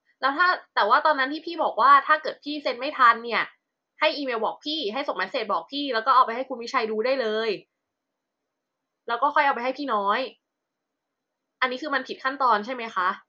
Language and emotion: Thai, frustrated